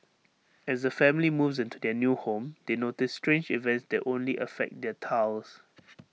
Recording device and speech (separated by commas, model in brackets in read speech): mobile phone (iPhone 6), read sentence